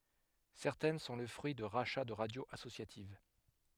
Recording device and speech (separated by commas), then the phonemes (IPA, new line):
headset microphone, read sentence
sɛʁtɛn sɔ̃ lə fʁyi də ʁaʃa də ʁadjoz asosjativ